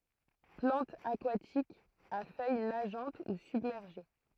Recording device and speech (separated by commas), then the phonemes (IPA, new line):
throat microphone, read sentence
plɑ̃tz akwatikz a fœj naʒɑ̃t u sybmɛʁʒe